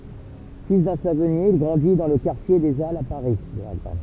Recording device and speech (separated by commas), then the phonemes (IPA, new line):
temple vibration pickup, read sentence
fil dœ̃ savɔnje il ɡʁɑ̃di dɑ̃ lə kaʁtje de alz a paʁi